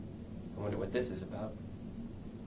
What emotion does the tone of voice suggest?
neutral